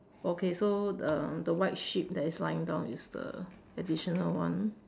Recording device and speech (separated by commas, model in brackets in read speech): standing microphone, conversation in separate rooms